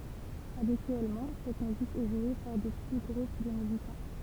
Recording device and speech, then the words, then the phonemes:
temple vibration pickup, read sentence
Habituellement, cette musique est jouée par de petits groupes de musiciens.
abityɛlmɑ̃ sɛt myzik ɛ ʒwe paʁ də pəti ɡʁup də myzisjɛ̃

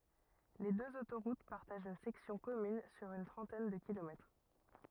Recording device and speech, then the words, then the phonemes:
rigid in-ear microphone, read sentence
Les deux autoroutes partagent une section commune sur une trentaine de kilomètres.
le døz otoʁut paʁtaʒt yn sɛksjɔ̃ kɔmyn syʁ yn tʁɑ̃tɛn də kilomɛtʁ

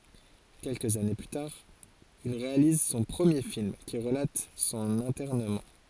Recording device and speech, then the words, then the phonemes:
forehead accelerometer, read sentence
Quelques années plus tard, il réalise son premier film qui relate son internement.
kɛlkəz ane ply taʁ il ʁealiz sɔ̃ pʁəmje film ki ʁəlat sɔ̃n ɛ̃tɛʁnəmɑ̃

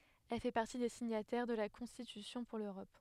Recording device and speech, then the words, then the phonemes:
headset microphone, read sentence
Elle fait partie des signataires de la Constitution pour l'Europe.
ɛl fɛ paʁti de siɲatɛʁ də la kɔ̃stitysjɔ̃ puʁ løʁɔp

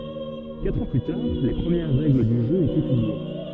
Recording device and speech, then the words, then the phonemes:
soft in-ear microphone, read sentence
Quatre ans plus tard, les premières règles du jeu étaient publiées.
katʁ ɑ̃ ply taʁ le pʁəmjɛʁ ʁɛɡl dy ʒø etɛ pyblie

